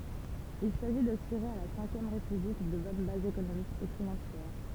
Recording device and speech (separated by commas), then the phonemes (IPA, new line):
temple vibration pickup, read sentence
il saʒi dasyʁe a la sɛ̃kjɛm ʁepyblik də bɔn bazz ekonomikz e finɑ̃sjɛʁ